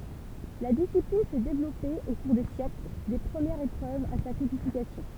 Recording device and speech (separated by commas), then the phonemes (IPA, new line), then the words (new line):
temple vibration pickup, read sentence
la disiplin sɛ devlɔpe o kuʁ de sjɛkl de pʁəmjɛʁz epʁøvz a sa kodifikasjɔ̃
La discipline s'est développée au cours des siècles, des premières épreuves à sa codification.